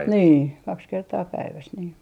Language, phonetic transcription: Finnish, "nii 'kaks 'kertaa 'päiväs nii .
- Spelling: niin kaksi kertaa päivässä niin

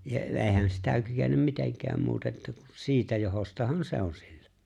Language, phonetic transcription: Finnish, ja '’e̬e̬ⁱhän sitä 'kykenem 'miteŋk̀ääm 'muute’ ’että ku "siitä 'johostahan "se ‿on sillᴀ̈ .
- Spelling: ja eihän sitä kykene mitenkään muuten että kun siitä johdostahan se on sillä

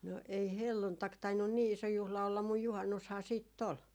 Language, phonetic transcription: Finnish, no ei "helluntak tainnun 'nii 'iso 'juhla ollam muj 'juhannushaa siit't ‿ol .
- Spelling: no ei helluntai tainnut niin iso juhla olla mutta juhannushan sitten oli

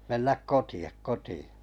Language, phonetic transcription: Finnish, » 'mennäk "koti₍a 'koti₍ᴀ « .
- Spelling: mennä kotiin kotiin

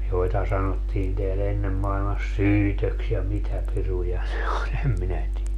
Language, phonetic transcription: Finnish, 'joita sanottiin teä'l ‿ennem mailmas "syytöks ja 'mitä 'piruja ne oĺ 'em minä tielä .
- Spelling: joita sanottiin täällä ennen maailmassa syytöksi ja mitä piruja ne oli en minä tiedä

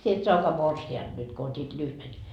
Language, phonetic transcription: Finnish, sie et "soakaa 'morsi₍anD nyt ko ot́it "lyhven . »
- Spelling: sinä et saakaan morsianta nyt kun otit lyhyen

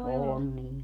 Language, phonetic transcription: Finnish, 'on niil .
- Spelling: on niillä

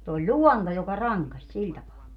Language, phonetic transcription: Finnish, (se) oĺ "ĺuɔnto joka "raŋkaś 'siĺ tapaa .
- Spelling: se oli luonto joka rankaisi sillä tapaa

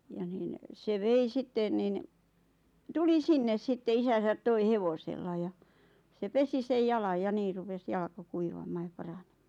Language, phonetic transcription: Finnish, ja niin , se 'vei 'sitten nin , 'tuli "sinnes 'sitte 'isäsät 'toi "hevosella ja , se 'pesi sej 'jalaj ja 'nii rupes 'jalka "kuivam̆maa ja "paranᴇᴍᴍᴀᴀ .
- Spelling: ja niin se vei sitten niin tuli sinne sitten isänsä toi hevosella ja se pesi sen jalan ja niin rupesi jalka kuivamaan ja paranemaan

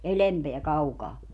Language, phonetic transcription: Finnish, "elempeä 'kaukaa .
- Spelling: edempää kaukaa

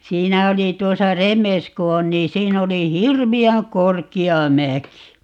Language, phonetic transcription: Finnish, 'siinä oli 'tuosa "Remes ku 'on nii 'siin ‿oli "hirvi₍äŋ "korki₍a "mäki .
- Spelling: siinä oli tuossa Remes kun on niin siinä oli hirveän korkea mäki

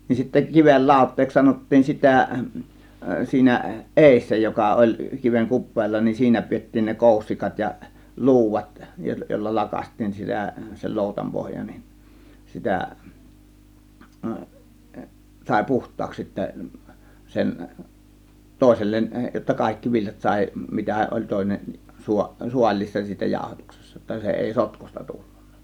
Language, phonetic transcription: Finnish, nin sittä 'kivel "làȯt̆teeks 'sanottiin "sitä̀ , 'siinä , "ˀèissä 'joka oĺ 'kiveŋ "kup̆peella nin "siinä 'piettiin ne "kòussikat ja , "lu̬uvat 'jòilla "lakas§t̆tiin sitä , sel "lòutam 'pohja nin , 'sitä , sàė "puht̆taaks sittä , 'sen , 'tòėsellen , jotta 'kàėkki 'viljat 'sàė mitä oĺ 'tòėnen su- , "sual̀̆lii(ssa) siitä 'jàotuksessa jotta 'se èi "sotkusta 'tullUNNA .
- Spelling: niin sitten kiven lauteeksi sanottiin sitä siinä edessä joka oli kiven kupeella niin siinä pidettiin ne koussikat ja luudat joilla lakaistiin sitä sen loutan pohja niin sitä sai puhtaaksi sitten sen toiselle jotta kaikki viljat sai mitä oli toinen - saaliissa siitä jaotuksessa jotta se ei sotkuista tullut

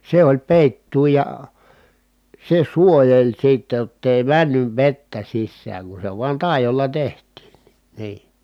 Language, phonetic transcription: Finnish, se oĺ pèittuu ja , se suojeĺ sitte [j]ott ‿èi männyv vettä sissääŋ kun se vuan tài̮jolla teht̆tiin ni , nii .
- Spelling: se oli peitto ja se suojeli sitten jotta ei mennyt vettä sisään kun se vain taidolla tehtiin niin niin

